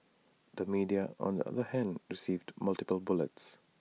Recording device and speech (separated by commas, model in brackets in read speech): mobile phone (iPhone 6), read sentence